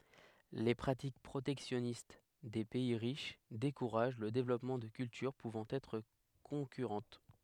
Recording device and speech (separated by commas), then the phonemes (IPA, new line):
headset microphone, read sentence
le pʁatik pʁotɛksjɔnist de pɛi ʁiʃ dekuʁaʒ lə devlɔpmɑ̃ də kyltyʁ puvɑ̃ ɛtʁ kɔ̃kyʁɑ̃t